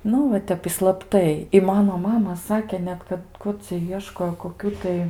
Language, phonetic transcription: Lithuanian, ˈnu va ˈtep i slapˈtai i ˈmano ˈmama ˈsake ˈnet kad ˈkur cia ˈieškojo koˈkių tai

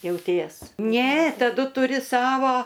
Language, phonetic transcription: Lithuanian, jauˈties ˈne taˈdu tuˈri ˈsavo

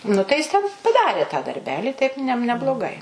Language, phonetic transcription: Lithuanian, nu tai ˈjis ˈten paˈdarė tą darˈbeli taip ˈne nebloˈgai

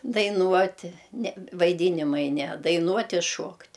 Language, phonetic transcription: Lithuanian, daiˈnuoti ne vaiˈdynimai ne daiˈnuot' i ˈšuokt'

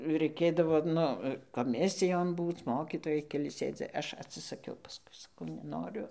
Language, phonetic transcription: Lithuanian, raiˈkėdavo ˈnu koˈmisijon ˈbūc ˈmokytojai keˈli ˈsėdi ˈaš atsisaˈkiau paˈskui saˈkau neˈnoriu

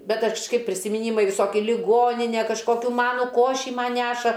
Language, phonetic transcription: Lithuanian, bet aš kžˈkaip prisimiˈnymai viˈsoki liˈgoninė kažˈkokiu ˈmanu ˈkošį ˈman ˈneša

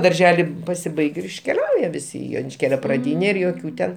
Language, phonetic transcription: Lithuanian, darˈželi pasiˈbaig' ir iškeˈliauja viˈsi i jonišˈkėlio praˈdyne ir joˈkių ten

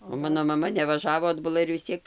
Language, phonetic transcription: Lithuanian, o ˈmano maˈma nevaˈžavo adbuˈla ir vis ˈciek

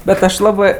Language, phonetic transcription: Lithuanian, ˈbet ˈaš ˈlabɜ

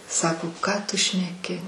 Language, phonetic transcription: Lithuanian, ˈsako ˈką tu šneˈki

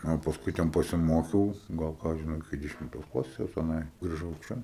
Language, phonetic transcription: Lithuanian, a pasˈkui ˈten pasiˈmokiau ˈgal ˈką aš žiˈnau iˈki dešimˈtos ˈklasės teˈnai griˈžau ˈčia

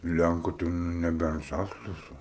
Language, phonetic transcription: Lithuanian, ˈlænku tai ˈnu neˈbent ˈžasliuose

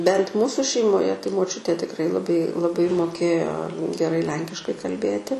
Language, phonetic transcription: Lithuanian, bent ˈmūsu šeimoˈje tai moˈčiutė tikˈrai laˈbai laˈbai moˈkėjo geˈrai ˈlenkiškai kalˈbėti

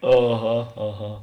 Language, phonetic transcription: Lithuanian, aˈha aˈha

